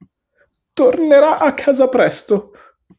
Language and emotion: Italian, fearful